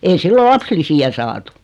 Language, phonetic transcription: Finnish, ei 'sillo "lapslisi₍ä saatᴜ .
- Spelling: ei silloin lapsilisiä saatu

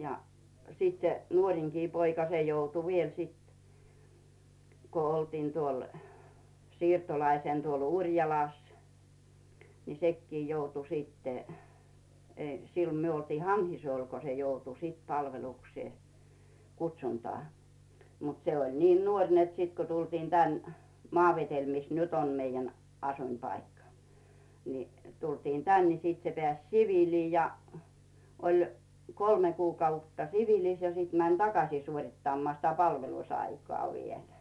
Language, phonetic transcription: Finnish, ja , 'sit se , 'nuoŕiŋkii poika 'se joutu viel sit , ko oltiin tuol , "siirtolaisèn tuol "Uŕjalàs , ni "sekkii 'joutu stte , ei , 'sillᴏ myö oltii "Hanhisᵘol ko se 'joutu sìt "palveluksee , 'kutś̆untaa , mut 'seoĺ niin "nuoŕ net 'sit ko tultiin tän , "Maavetel mis 'nyt ‿om meijjän 'asuⁱmpaikka , ni 'tultiin "tän ni 'sit se 'peä̀s "sivìlii ja , oĺ , 'kolme 'kuukautta "sivilis ja 'sit mäń "takaśii suoŕittammᵒà sitä 'palvelusaikŏà vielᴀ̈ .
- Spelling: ja sitten se nuorinkin poika se joutui vielä sitten kun oltiin tuolla siirtolaisena tuolla Urjalassa niin sekin joutui sitten ei silloin me oltiin Hanhisuolla kun se joutui sitten palvelukseen kutsuntaan mutta se oli niin nuori että sitten kun tultiin tänne Maavedelle missä nyt on meidän asuinpaikka niin tultiin tänne niin sitten se pääsi siviiliin ja oli kolme kuukautta siviilissä ja sitten meni takaisin suorittamaan sitä palvelusaikaa vielä

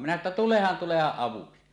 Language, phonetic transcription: Finnish, minä ᵉttä » "tulehan 'tulehaˀ 'ˀavuksi « .
- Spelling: minä että tulehan tulehan avuksi

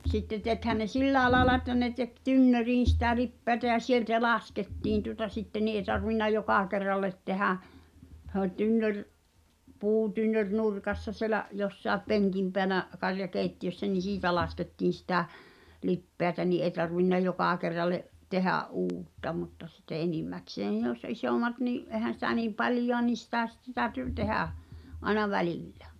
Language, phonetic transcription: Finnish, sitte tekhän ne "sillääᵉ laaᵉla että ne tek 'tynnöriin̬ sⁱtä 'lippeätä ja "sieltä 'laskettiin tuŏta 'sitte ni ’e tarvinna 'jokà kerrallet tehä , h̳ᵉ ‿oĺ 'tynnör , 'puutynnör "nurkassa sielä’ , 'jossàep "peŋkim peänä , karja'kèitti₍össä ni "siitä laskettiin̬ sitä , 'lippeätä ni ’eĭ tarvinna 'jokà kerralle’ , 'tehä’ "’uutta mutta sitte "enimmäksee (ne jòśsa) 'isòmat nii’ , '’èhän̬ sitä niim "paĺjoa niin̬ 'sitä sⁱtte tääty , 'tehä̀ , ’aĕna "välìllᴀ͔̈ .
- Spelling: sitten tekihän ne silläkin lailla että ne teki tynnyriin sitä lipeätä ja sieltä laskettiin tuota sitten niin ei tarvinnut joka kerralla tehdä se oli tynnyri puutynnyri nurkassa siellä jossakin penkin päällä karjakeittiössä niin siitä laskettiin sitä lipeätä niin ei tarvinnut joka kerralle tehdä uutta mutta sitten enimmäkseen ne joissa isommat niin eihän sitä niin paljoa niin sitä sitten täytyi tehdä aina välillä

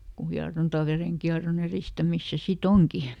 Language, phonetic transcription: Finnish, ku ˈhiaronta ˈvereŋkiaroˈn ‿eristämis ˈse ˈsi"t ‿oŋki .
- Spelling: kun hieronta verenkierron edistämistä se sitten onkin

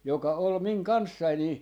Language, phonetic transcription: Finnish, 'joka ol "miŋ "kanssai nii , .
- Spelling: joka oli minun kanssani niin

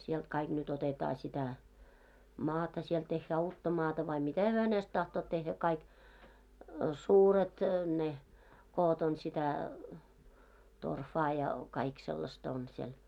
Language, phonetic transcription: Finnish, sielᴅ kaiɢ nyt otetaa sitä , 'maata siel tehhää 'uutta 'maata vai "mitä hyö hänest 'tahtoot tehhä kaik , suuret , ne , 'koot ‿on sitä , 'torfaa ja , kaik sellasta on siel .
- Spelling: sieltä kaikki nyt otetaan sitä maata siellä tehdään uutta maata vai mitä he hänestä tahtovat tehdä kaikki suuret ne koot on sitä torfaa ja kaikki sellaista on siellä

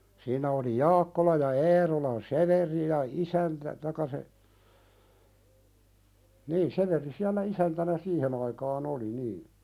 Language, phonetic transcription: Finnish, 'siinä oli "Jaakkola ja "Eerolan "Severi ja "isäntä , taⁱkka se , nii 'Sevéri siällä "isäntänä 'siihen ‿aikaa'n ‿oli "nii .
- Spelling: siinä oli Jaakkola ja Eerolan Severi ja isäntä tai se niin Severi siellä isäntänä siihen aikaan oli niin

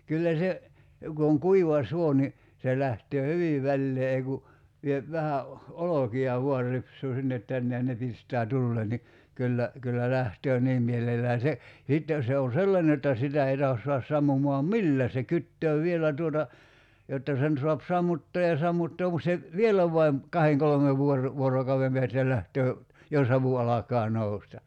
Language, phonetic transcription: Finnish, 'kyllä se , ku oŋ "kuiva "suo ni , se 'lähtöö "hyvi 'vällee ei ku , 'viep 'vähä o- , "oloki₍a 'vuar rips̀uu 'sinnet 'tänne ja ne 'pist̀ää "tullee ni , 'kyllä , kyllä 'lähtöö "niim mielellään̬ 'se , (ja) 'sitte , 'se o "sellane jotta 'sitä ei tahos sua(h)as 'sammumoam "millää se 'kyttöö 'vielä tuota , jotta 'sen soap 'sammuttoo ja 'sammuttoom mut se , "vielä vaim , "kaheŋ 'kolᵒmev vuor- , 'vuorokau₍em peästä 'lähtöö , ja "savu 'alakaa 'nousta .
- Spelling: kyllä se kun on kuiva suo niin se lähtee hyvin väleen ei kun vie vähän - olkia vain ripsuu sinne tänne ja ne pistää tuleen niin kyllä kyllä lähtee niin mielellään se ja sitten se on sellainen jotta sitä ei tahdo saada sammumaan millään se kytee vielä tuota jotta sen saa sammuttaa ja sammuttaa mutta se vielä vain kahden kolmen - vuorokauden päästä lähtee ja savu alkaa nousta

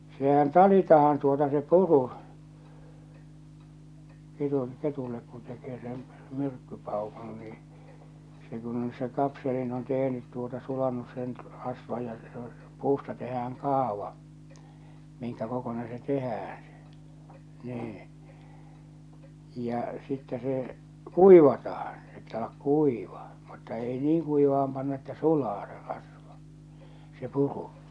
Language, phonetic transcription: Finnish, sehän 'talitahan tuota se "puru , 'ketun , 'ketullek kun tekee sen , 'myrkkypàukun nii , se kun ‿on se 'kapselin on 'tehnyt tuota 'sulannus sen , rasva ja , se ‿o , 'puusta tehääŋ "kaava , miŋkä kokonen se 'tehäää̰ sᴇ , 'nii , ja , sittɛ se , "kuivatahᴀɴ , se pitä̳ ollak 'kuiva , mutta 'ei 'niiŋ kuivah̬am panna että "sulaa se rasva , se 'puru .
- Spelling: sehän talitaan tuota se puru ketun ketulle kun tekee sen myrkkypaukun niin se kun on se kapselin on tehnyt tuota sulanut sen rasva ja se on puusta tehdään kaava minkä kokoinen se tehdään se niin ja sitten se kuivataan se pitää olla kuiva mutta ei niin kuivaan panna että sulaa se rasva se puru

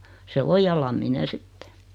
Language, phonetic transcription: Finnish, se 'o "ja Lammine "sitte .
- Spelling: se on ja Lamminen sitten

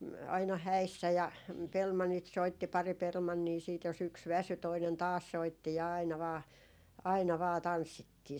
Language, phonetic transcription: Finnish, m- , aina "häissä ja "pelmannit 'soitti , pari 'pelmannii siit jos ‿yks 'väsy toinen "taas 'soitti 'aina vaa , 'aina vaa "tanssittii .
- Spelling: - aina häissä ja pelimannit soitti pari pelimannia sitten jos yksi väsyi toinen taas soitti aina vain aina vain tanssittiin

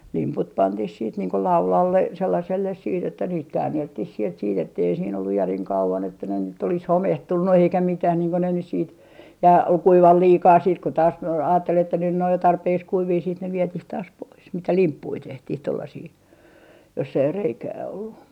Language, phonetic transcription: Finnish, 'limput 'pantih siit niiŋ ko "laulalle , 'sellaselles siit ‿että niit 'käännelttih sielt siit ‿ettei siin ‿olluj 'järiŋ 'kauvan että ne nyt ‿olis "homehtunnu eikä 'mitäh niiŋ ko ne nys siit , ja kuival 'liikaa siit ko taas , a - aattel että nyn nᵉ ‿oj jo 'tarpeeks 'kuivii siit ne "vietih taas pois mitä "limppui 'tehtih 'tollasii , joss ‿ei 'reikää ollu .
- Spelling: limput pantiin sitten niin kuin laudalle sellaiselle sitten että niitä käänneltiin sieltä sitten että ei siinä ollut järin kauan että ne nyt olisi homehtunut eikä mitään niin kuin ne nyt sitten ja kuivaa liikaa sitten kun taas - ajatteli että nyt ne on jo tarpeeksi kuivia sitten ne vietiin taas pois mitä limppuja tehtiin tuollaisia jossa ei reikää ollut

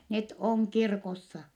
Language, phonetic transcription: Finnish, net oŋ kirkossa .
- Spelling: ne on kirkossa

